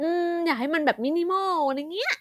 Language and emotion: Thai, happy